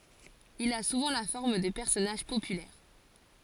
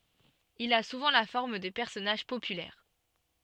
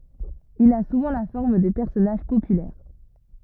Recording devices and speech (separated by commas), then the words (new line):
forehead accelerometer, soft in-ear microphone, rigid in-ear microphone, read sentence
Il a souvent la forme de personnages populaires.